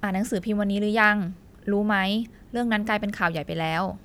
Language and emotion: Thai, neutral